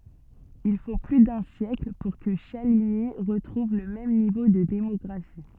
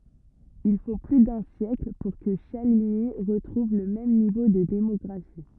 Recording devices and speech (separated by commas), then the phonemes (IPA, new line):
soft in-ear microphone, rigid in-ear microphone, read sentence
il fo ply dœ̃ sjɛkl puʁ kə ʃaliɲi ʁətʁuv lə mɛm nivo də demɔɡʁafi